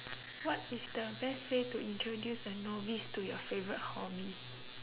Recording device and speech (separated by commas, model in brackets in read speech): telephone, conversation in separate rooms